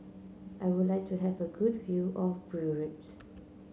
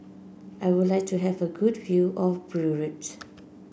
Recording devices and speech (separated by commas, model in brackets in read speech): mobile phone (Samsung C9), boundary microphone (BM630), read sentence